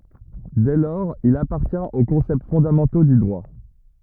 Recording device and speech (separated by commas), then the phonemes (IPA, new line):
rigid in-ear microphone, read sentence
dɛ lɔʁz il apaʁtjɛ̃t o kɔ̃sɛpt fɔ̃damɑ̃to dy dʁwa